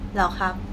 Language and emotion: Thai, neutral